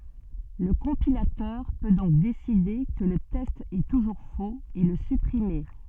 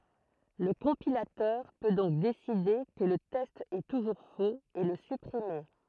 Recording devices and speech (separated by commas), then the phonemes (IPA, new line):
soft in-ear microphone, throat microphone, read sentence
lə kɔ̃pilatœʁ pø dɔ̃k deside kə lə tɛst ɛ tuʒuʁ foz e lə sypʁime